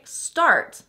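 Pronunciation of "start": In 'start', the vowel followed by the R is not R-colored. This is the recommended pronunciation of 'start'.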